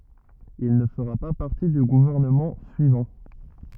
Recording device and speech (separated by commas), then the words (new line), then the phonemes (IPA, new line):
rigid in-ear microphone, read sentence
Il ne fera pas partie du gouvernement suivant.
il nə fəʁa pa paʁti dy ɡuvɛʁnəmɑ̃ syivɑ̃